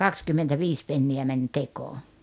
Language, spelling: Finnish, kaksikymmentäviisi penniä meni tekoon
- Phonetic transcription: kakskymmentäviis penni₍ä mäń 'tekoo .

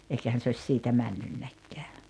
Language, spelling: Finnish, eikähän se olisi siitä mennytkään
- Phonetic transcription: 'eikähän se oś 'siitä 'männynnäkkeä .

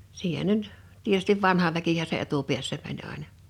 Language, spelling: Finnish, siihen ne nyt tietysti vanha väkihän se etupäässä meni aina
- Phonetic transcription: 'siihen (ne) nʸt , tietystiv 'vanha väkihä se 'etupiässä mäń àḙna .

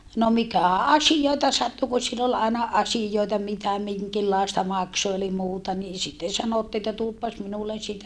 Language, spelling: Finnish, no mikä asioita sattui kun sillä oli aina asioita mitä minkinlaista - eli muuta niin sitten sanottiin että tuopas minulle sitä
- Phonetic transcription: no mikä̀ asijòita sattu ku sill ‿ol àina asijoita mitä miŋkillàesta makso - eli muuta nii sitten sanottii että » tuoppas minullen sitä .

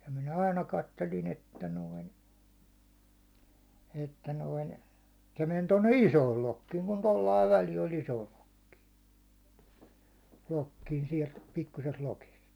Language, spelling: Finnish, ja minä aina katselin että noin että noin se meni tuonne isoon lokkiin kun tuolla lailla väli oli isoon lokkiin lokkiin sieltä pikkuisesta lokista
- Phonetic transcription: ja minä 'aina kattelin 'että noin , 'että noin , se men tonne "isool 'lokkiiŋ kun 'tollaiv väli oĺ 'isool lokkii , 'lokkiin siɛlt 'pikkusest "lokist .

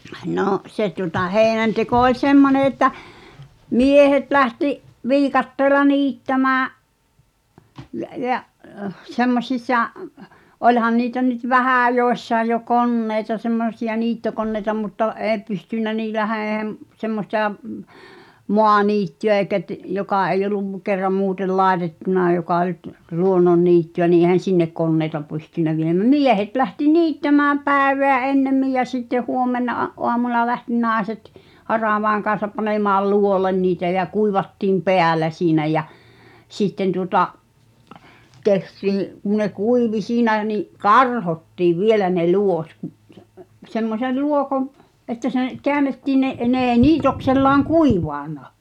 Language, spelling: Finnish, no se tuota heinänteko oli semmoinen että miehet lähti viikatteella niittämään ja ja semmoisissa olihan niitä nyt vähän joissain jo koneita semmoisia niittokoneita mutta ei pystynyt niillähän ei - semmoista - maaniittyä eikä - joka ei ollut kerran muuten laitettuna joka oli - luonnonniittyä niin eihän sinne koneita pystynyt - miehet lähti niittämään päivää ennemmin ja sitten huomenna aamuna lähti naiset haravan kanssa panemaan luo'olle niitä ja kuivattiin päällä siinä ja sitten tuota tehtiin kun ne kuivui siinä niin karhottiin vielä ne luot kun se semmoisen luo'on että se käännettiin ne ne ei niitoksellaan kuivanut
- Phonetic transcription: 'nò’ , se tuŏta 'heeⁱnänteko oĺ "semmone että , "miehet lähti’ , "viikatteela "niittämää’ , jä’ jä’ , 'semmośis̆sa , 'oĺhan niitä nyt "vähä̀ 'jòessae jo "konnèi̬ta semmosi₍a 'niittokonneĭta mutta '’ee pystỳn̆nä niiläh(ä) ee m- , semmostà , m- , "moaniitty₍ä èikä t- , 'jokà eĭ'j ‿oluv , kerram 'muutel "làetettuna joka oĺ t- , 'luonnonniitty₍ä ni èhän̬ "sinnek 'konneita pystynnä viem- , "miehet lähti "niittämääm 'pä̀eveä "ennemmij jä sitteʰ 'huom̆mena , '’oamuna lähti "nài̬set , "haràvàeŋ kaa̰sap panemaal "luolen niitä jä 'kuivattiim "peäl̆lä siinä jä , 'sitten tuŏta’ , 'tehtii , kun̆ ne "kuivi siinä ni’ , "karhottiiv 'vielä ne 'luot ku’ ˢᵊˉ , 'semmosel ("luohov) , että seḛ , 'keänettii ne’ , 'ne ee "niitoksellaaŋ "kuiva̳a̳na .

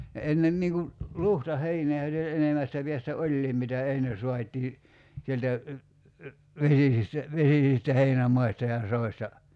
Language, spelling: Finnish, ne ennen niin kun luhtaheinää oli ja enemmästä päästä olikin mitä ennen saatiin sieltä vesisistä vesisistä heinämaista ja soista
- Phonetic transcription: ne 'ennem niiŋ ku , "luhta'heinee oĺ ja , 'enemästä piästä 'oĺliim mitä 'enne suat́ii , 'sieltä , 'vesisistä , 'vesisistä 'heinämaista ja 'soista .

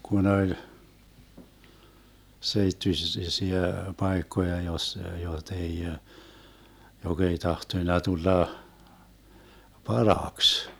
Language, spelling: Finnish, kun oli - seittyisiä paikkoja - jota ei joka ei tahtonut tulla parhaaksi
- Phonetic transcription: 'kun oĺ , 'seittysis- -siä "paekkoja jos- , 'jot ‿ei , 'jok ‿ei 'tahtoⁱna 'tulla , "paraaks .

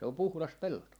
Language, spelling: Finnish, se on puhdas pelto
- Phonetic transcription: se om 'puhlas 'pelto .

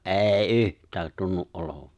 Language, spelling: Finnish, ei yhtään tunnu olevan
- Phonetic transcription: '’e̬e̬ⁱ "’yht̀äät 'tunnu’ '’olovᴀ .

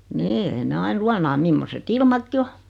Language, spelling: Finnish, niin ei ne aina luonaa mimmoiset ilmatkin on
- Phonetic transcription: nii 'ei ne 'ain "luanaa 'mimmose"t ‿ilmakki "o .

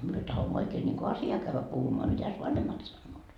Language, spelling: Finnish, me tahdomme oikein niin kuin asiaa käydä puhumaan mitäs vanhemmat sanovat
- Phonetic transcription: 'myö 'tahommo oikee niŋku 'asjaa kävvä puhumoa mitäs "vanhemmat sannoot ? »

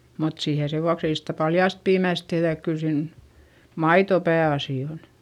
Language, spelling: Finnish, mutta siihen sen vuoksi ei sitä paljaasta piimästä tehdä että kyllä siinä maito pääasia on
- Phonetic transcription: mut siihe sevuaks ‿ei sitä paljàst piimä̀s tehδä ek kyl siin , maito pää₍asì on .

